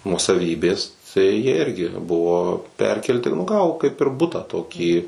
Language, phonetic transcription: Lithuanian, nuosaˈvybės tai jie ˈirgi ˈbuvo ˈperkelti nu ˈgavo kaip ir ˈbutą ˈtokį

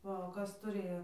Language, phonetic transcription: Lithuanian, ˈva o ˈkas tuˈrėjo

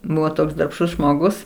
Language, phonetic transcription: Lithuanian, ˈbuvo ˈtoks darbˈštus žmoˈgus

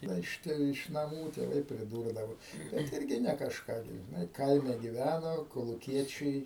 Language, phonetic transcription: Lithuanian, ˈda iš ˈte iš naˈmų tėˈvai priˈdūrdavo bet ˈirgi ne kažˈką gi žiˈnai ˈkaime giˈvæno koluˈkiečiai

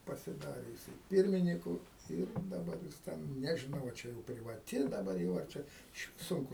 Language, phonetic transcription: Lithuanian, pasiˈdari jiˈsai ˈpirminiku ˈir daˈbar jis ˈten nežiˈnau a ˈčia jau privaˈti daˈbar jau ar ˈčia išˈvis ˈsunku

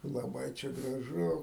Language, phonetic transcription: Lithuanian, laˈbai čia graˈžu

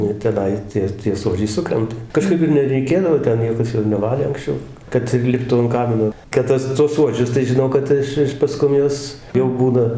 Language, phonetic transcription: Lithuanian, ˈnu ir teˈnai ˈtie tie ˈsuodžiai ˈsukrenta kaˈžkaip ir nereiˈkėdavo ˈten ˈniekas ir neˈvalė anksˈčiau ˈkad ir ˈliptų an ˈkamino kad ˈtas tuos ˈsuodžius tai žiˈnau kad ˈiš ˈiš paˈskum ˈjuos jau ˈbūna

